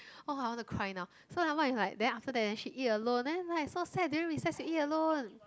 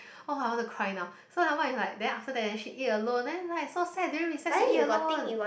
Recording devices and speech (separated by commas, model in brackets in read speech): close-talking microphone, boundary microphone, conversation in the same room